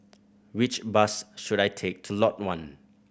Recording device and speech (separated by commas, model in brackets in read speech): boundary microphone (BM630), read sentence